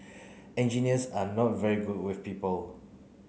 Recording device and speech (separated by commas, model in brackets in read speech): mobile phone (Samsung C9), read sentence